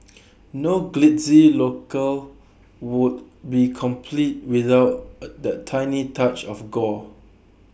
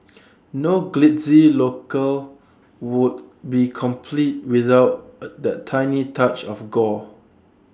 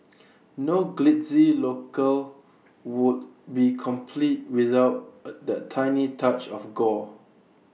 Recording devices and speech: boundary microphone (BM630), standing microphone (AKG C214), mobile phone (iPhone 6), read sentence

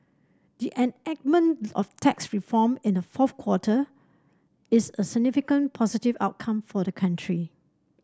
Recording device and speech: standing microphone (AKG C214), read sentence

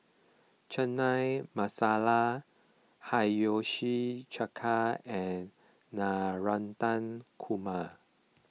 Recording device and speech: mobile phone (iPhone 6), read sentence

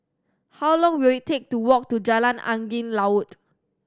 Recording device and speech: standing microphone (AKG C214), read sentence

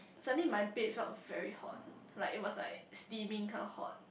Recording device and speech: boundary microphone, conversation in the same room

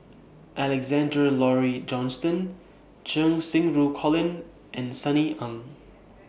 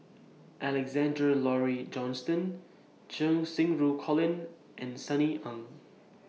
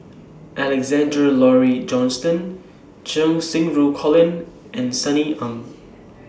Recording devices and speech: boundary microphone (BM630), mobile phone (iPhone 6), standing microphone (AKG C214), read sentence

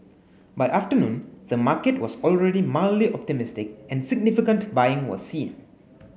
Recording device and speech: mobile phone (Samsung S8), read sentence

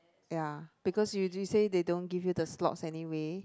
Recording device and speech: close-talking microphone, conversation in the same room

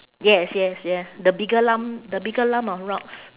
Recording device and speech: telephone, conversation in separate rooms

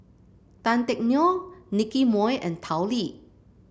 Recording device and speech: boundary microphone (BM630), read sentence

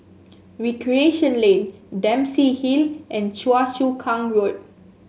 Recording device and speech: mobile phone (Samsung S8), read sentence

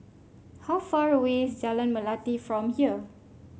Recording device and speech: mobile phone (Samsung C5), read sentence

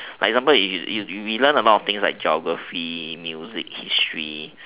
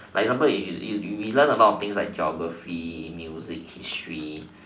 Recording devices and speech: telephone, standing microphone, conversation in separate rooms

